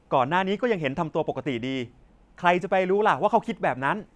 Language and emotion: Thai, frustrated